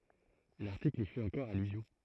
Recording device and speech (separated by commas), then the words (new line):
throat microphone, read sentence
L'article y fait encore allusion.